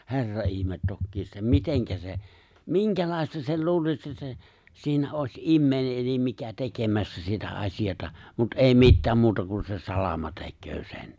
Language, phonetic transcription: Finnish, 'he̬rra ’ihmet 'tokkiisa ’että "miteŋkä se , "miŋkälài̬sta sei 'luulis se se , siinä ’òś '’immèi̬ne ’elim 'mikä 'tekemässä sitä 'aśijata , mut '’è̬i "mittääm 'muuta kun se "salama 'te̬kköö 'sen .
- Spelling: herra ihme tokiinsa että miten se minkälaista sen luulisi se se siinä olisi ihminen eli mikä tekemässä sitä asiaa mutta ei mitään muuta kuin se salama tekee sen

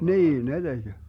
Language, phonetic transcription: Finnish, "niin 'ne 'DeG !
- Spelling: niin ne teki

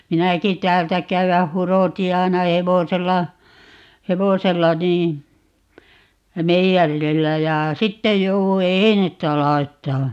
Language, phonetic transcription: Finnish, 'minäki 'täältä 'käywäh̆ "huroti 'ai̮na "hevosella , "hevosella nii , meijärillä ja , "sittej 'jouwu "einettä 'lai̮ttaa .
- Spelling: minäkin täältä käydä hurotin aina hevosella hevosella niin meijerillä ja sitten jouduin einettä laittamaan

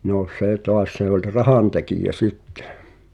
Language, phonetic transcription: Finnish, nò "sè 'toas se ‿oĺ "rahantekijä 'sittᴇʰ .
- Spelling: no se taas se oli rahantekijä sitten

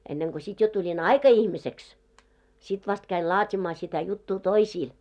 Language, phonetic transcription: Finnish, enneŋko sit jo tuĺin "aika₍'ihmiseks , sit vast käil "laat́imaa sitä 'juttuu "toisiil .
- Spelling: ennen kuin sitten jo tulin aikaihmiseksi sitten vasta kävin laatimaan sitä juttua toisille

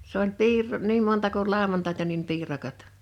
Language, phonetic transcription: Finnish, s ‿oĺ 'piir̆rò- , 'niim monta kul 'làowantàita nim 'piirakat .
- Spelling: se oli - niin monta kuin lauantaita niin piirakat

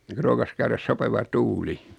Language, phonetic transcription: Finnish, (noiŋ ko) 'rookas käyräs 'sopeva "tuuli .
- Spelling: noin kun rookasi käydä sopiva tuuli

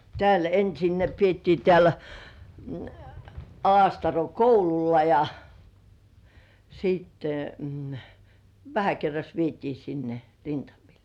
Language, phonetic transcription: Finnish, 'tĕä̀§l ‿ensin ne piettii tĕä̀l , 'Alastaro "koululla ja , siitte , 'vähä kerras vietii sinne , "rintamil .
- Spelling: täällä ensin ne pidettiin täällä Alastaron koululla ja sitten vähän kerrassa vietiin sinne rintamille

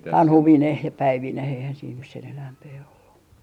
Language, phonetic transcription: Finnish, "tanhuvineh ja "päivineh eihän siin nys sen 'enäämpee ollu .
- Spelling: tanhuineen ja päivineen eihän siinä nyt sen enempää ollut

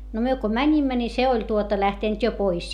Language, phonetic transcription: Finnish, no myö ko mäńimmä ni se oĺ tuota lähtènt jo pois .
- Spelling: no me kun menimme niin se oli tuota lähtenyt jo pois

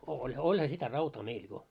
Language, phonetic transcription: Finnish, oĺ , 'oĺha sitä "rautaa 'meil jo .
- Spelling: oli olihan sitä rautaa meillä jo

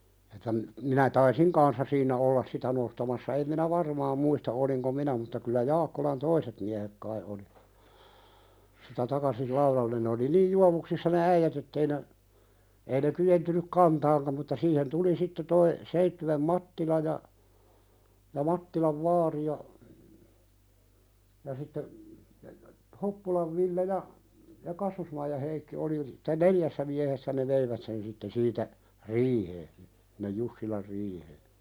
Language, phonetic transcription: Finnish, että m- , 'minä taisiŋ "kanssa siinä 'ollas sitä 'nostamassa em minä "varmaam muista 'oliŋko "minä mutta kyllä 'Jaakkolan "toiset miähek 'kai oli , sitä 'takasil "lauðallen ne oli 'niij "juavuksissa ne 'äijät ettei ne , ei ne ky₍entynyk "kantaaŋkam mutta siihen 'tuli sitte toi , 'Seittywem "Mattila ja , ja 'Mattilav "vaari ja , ja sitte , "Hoppulav Ville ja , 'Kassusmaija Heikki oli (et)tä "neljässä miähessä ne 'veivät sen sitten 'siitä , "riihee , (s)innej "Jussilar 'riihee .
- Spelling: että - minä taisin kanssa siinä olla sitä nostamassa en minä varmaan muista olinko minä mutta kyllä Jaakkolan toiset miehet kai oli sitä takaisin laudalle ne oli niin juovuksissa ne äijät että ei ne ei ne kyenneet kantamaankaan mutta siihen tuli sitten tuo Seitsiön Mattila ja ja Mattilan vaari ja ja sitten Hoppulan Ville ja Kassusmaijan Heikki oli että neljässä miehessä ne veivät sen sitten siitä riiheen sinne Jussilan riiheen

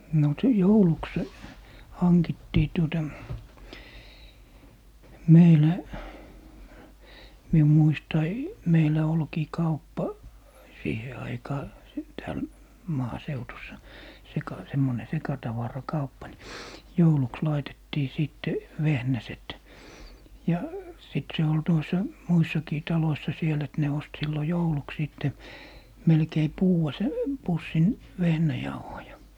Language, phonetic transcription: Finnish, no si - "jouluks , 'hankittii tuota , 'meilä , 'mium 'muistai , 'meilä olkii "kauppa , 'siihe aikaa , s - 'tääl , 'maaseutussa , 'seka - 'semmone 'sekatavara'kauppa ni , 'jouluks 'laitettii 'sìtte , "vehnäset , ja , sit se ol , 'tuos , "muissakii 'taloissa 'siel ‿et ne 'ost 'sillo "jouluks 'sìtte , 'melkei "puuʷa 'sä- , 'pussin , 'vehnäjauhoja .
- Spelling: no - jouluksi hankittiin tuota meillä minun muistaen meillä olikin kauppa siihen aikaan - täällä maaseudussa - semmoinen sekatavarakauppa niin jouluksi laitettiin sitten vehnäset ja sitten se oli tuossa muissakin taloissa siellä että ne osti silloin jouluksi sitten melkein puudan - pussin vehnäjauhoja

